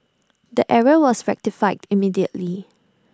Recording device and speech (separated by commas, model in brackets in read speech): standing microphone (AKG C214), read sentence